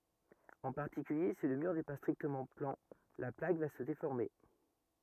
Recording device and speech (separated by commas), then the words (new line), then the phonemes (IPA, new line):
rigid in-ear microphone, read sentence
En particulier, si le mur n'est pas strictement plan, la plaque va se déformer.
ɑ̃ paʁtikylje si lə myʁ nɛ pa stʁiktəmɑ̃ plɑ̃ la plak va sə defɔʁme